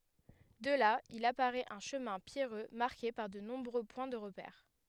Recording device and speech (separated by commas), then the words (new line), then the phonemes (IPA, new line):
headset microphone, read sentence
De là, il apparaît un chemin pierreux marqué par de nombreux points de repère.
də la il apaʁɛt œ̃ ʃəmɛ̃ pjɛʁø maʁke paʁ də nɔ̃bʁø pwɛ̃ də ʁəpɛʁ